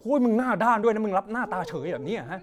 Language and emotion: Thai, angry